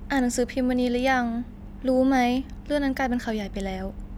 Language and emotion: Thai, neutral